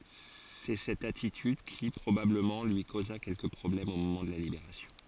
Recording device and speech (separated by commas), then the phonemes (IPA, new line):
forehead accelerometer, read sentence
sɛ sɛt atityd ki pʁobabləmɑ̃ lyi koza kɛlkə pʁɔblɛmz o momɑ̃ də la libeʁasjɔ̃